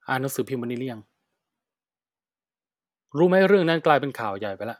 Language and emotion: Thai, frustrated